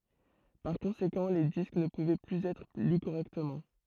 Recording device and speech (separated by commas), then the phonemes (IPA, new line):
throat microphone, read sentence
paʁ kɔ̃sekɑ̃ le disk nə puvɛ plyz ɛtʁ ly koʁɛktəmɑ̃